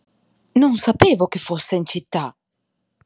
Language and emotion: Italian, surprised